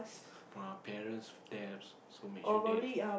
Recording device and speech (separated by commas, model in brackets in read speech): boundary microphone, conversation in the same room